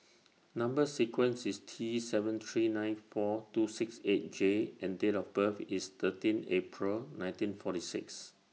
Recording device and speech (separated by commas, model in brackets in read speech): mobile phone (iPhone 6), read sentence